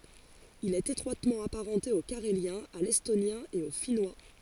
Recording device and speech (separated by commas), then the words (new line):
forehead accelerometer, read sentence
Il est étroitement apparenté au carélien, à l'estonien et au finnois.